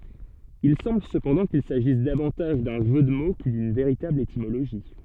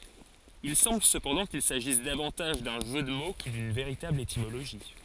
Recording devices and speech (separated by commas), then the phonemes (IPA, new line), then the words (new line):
soft in-ear microphone, forehead accelerometer, read sentence
il sɑ̃bl səpɑ̃dɑ̃ kil saʒis davɑ̃taʒ dœ̃ ʒø də mo kə dyn veʁitabl etimoloʒi
Il semble cependant qu'il s'agisse davantage d'un jeu de mots que d'une véritable étymologie.